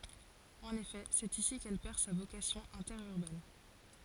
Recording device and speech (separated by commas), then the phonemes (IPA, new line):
forehead accelerometer, read sentence
ɑ̃n efɛ sɛt isi kɛl pɛʁ sa vokasjɔ̃ ɛ̃tɛʁyʁbɛn